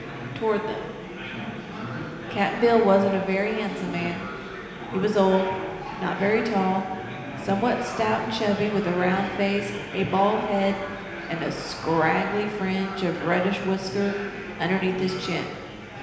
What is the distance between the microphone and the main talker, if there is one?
1.7 m.